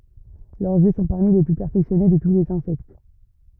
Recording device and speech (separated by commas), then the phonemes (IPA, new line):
rigid in-ear microphone, read sentence
lœʁz jø sɔ̃ paʁmi le ply pɛʁfɛksjɔne də tu lez ɛ̃sɛkt